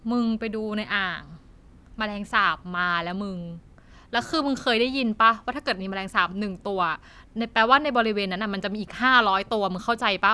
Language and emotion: Thai, frustrated